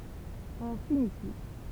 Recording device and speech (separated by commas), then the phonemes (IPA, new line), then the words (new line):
temple vibration pickup, read sentence
ɔ̃ fini flik
On finit flic.